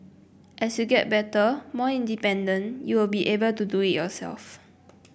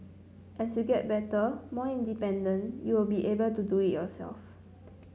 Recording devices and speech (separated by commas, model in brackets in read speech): boundary microphone (BM630), mobile phone (Samsung C9), read sentence